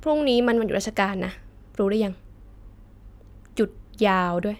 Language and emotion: Thai, frustrated